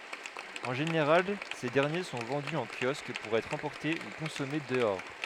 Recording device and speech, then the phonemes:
headset microphone, read sentence
ɑ̃ ʒeneʁal se dɛʁnje sɔ̃ vɑ̃dy ɑ̃ kjɔsk puʁ ɛtʁ ɑ̃pɔʁte u kɔ̃sɔme dəɔʁ

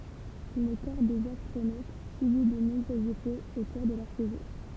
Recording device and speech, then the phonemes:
temple vibration pickup, read sentence
lə kɔʁ dez astʁonot sybi də nɔ̃bʁøz efɛz o kuʁ də lœʁ seʒuʁ

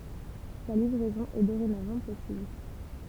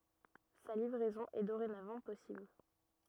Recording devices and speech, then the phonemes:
temple vibration pickup, rigid in-ear microphone, read sentence
sa livʁɛzɔ̃ ɛ doʁenavɑ̃ pɔsibl

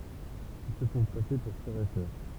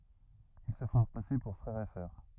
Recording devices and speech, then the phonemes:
temple vibration pickup, rigid in-ear microphone, read sentence
il sə fɔ̃ pase puʁ fʁɛʁ e sœʁ

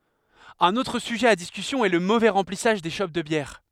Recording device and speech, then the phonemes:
headset microphone, read sentence
œ̃n otʁ syʒɛ a diskysjɔ̃ ɛ lə movɛ ʁɑ̃plisaʒ de ʃop də bjɛʁ

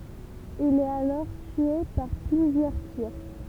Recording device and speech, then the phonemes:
temple vibration pickup, read sentence
il ɛt alɔʁ tye paʁ plyzjœʁ tiʁ

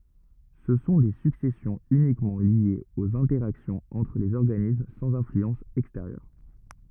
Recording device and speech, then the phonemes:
rigid in-ear microphone, read sentence
sə sɔ̃ de syksɛsjɔ̃z ynikmɑ̃ ljez oz ɛ̃tɛʁaksjɔ̃z ɑ̃tʁ lez ɔʁɡanism sɑ̃z ɛ̃flyɑ̃s ɛksteʁjœʁ

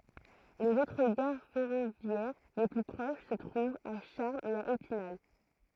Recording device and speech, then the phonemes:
throat microphone, read sentence
lez otʁ ɡaʁ fɛʁovjɛʁ le ply pʁoʃ sə tʁuvt a ʃaʁmz e a epinal

